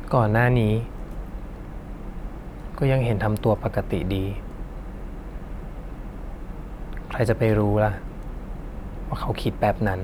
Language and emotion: Thai, neutral